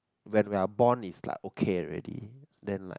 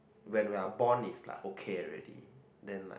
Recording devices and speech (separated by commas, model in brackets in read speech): close-talking microphone, boundary microphone, conversation in the same room